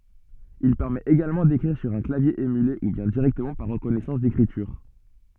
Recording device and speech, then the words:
soft in-ear microphone, read sentence
Il permet également d'écrire sur un clavier émulé ou bien directement par reconnaissance d'écriture.

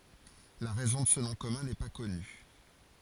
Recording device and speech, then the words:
forehead accelerometer, read sentence
La raison de ce nom commun n’est pas connue.

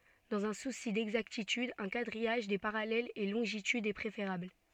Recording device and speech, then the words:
soft in-ear microphone, read sentence
Dans un souci d'exactitude, un quadrillage des parallèles et longitudes est préférable.

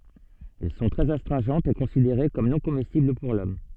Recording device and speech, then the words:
soft in-ear microphone, read sentence
Elles sont très astringentes et considérées comme non comestibles pour l'homme.

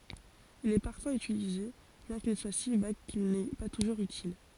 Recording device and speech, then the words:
forehead accelerometer, read sentence
Il est parfois utilisé, bien qu'il soit si vague qu'il n'est pas toujours utile.

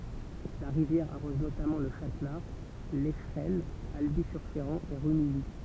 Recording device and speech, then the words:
temple vibration pickup, read sentence
La rivière arrose notamment Le Châtelard, Lescheraines, Alby-sur-Chéran et Rumilly.

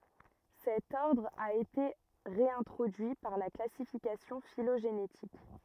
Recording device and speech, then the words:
rigid in-ear microphone, read sentence
Cet ordre a été réintroduit par la classification phylogénétique.

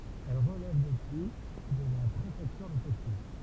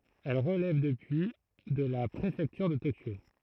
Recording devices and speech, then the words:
temple vibration pickup, throat microphone, read sentence
Elle relève depuis de la préfecture de Tokyo.

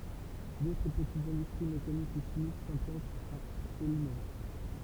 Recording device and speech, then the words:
temple vibration pickup, read sentence
D’autres petites industries mécaniques ou chimiques s’implantent à Aulnay.

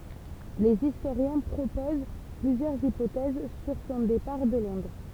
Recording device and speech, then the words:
temple vibration pickup, read sentence
Les historiens proposent plusieurs hypothèses sur son départ de Londres.

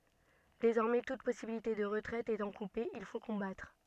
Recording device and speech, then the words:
soft in-ear microphone, read sentence
Désormais toute possibilité de retraite étant coupée, il faut combattre.

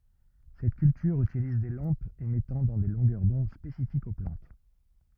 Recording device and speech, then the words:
rigid in-ear microphone, read sentence
Cette culture utilise des lampes émettant dans des longueurs d'onde spécifiques aux plantes.

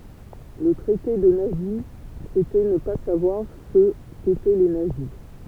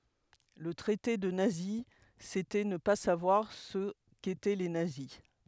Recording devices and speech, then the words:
temple vibration pickup, headset microphone, read sentence
Le traiter de nazi, c'était ne pas savoir ce qu'étaient les nazis.

